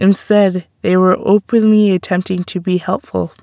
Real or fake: real